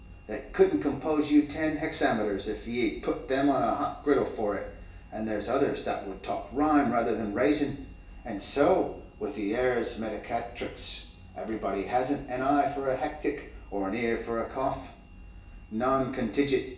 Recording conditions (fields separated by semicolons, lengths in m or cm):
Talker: one person; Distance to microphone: 1.8 m; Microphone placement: close; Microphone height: 1.0 m; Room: large; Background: none